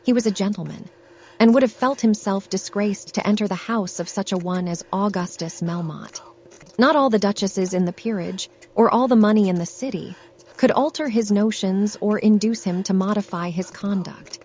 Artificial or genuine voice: artificial